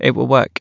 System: none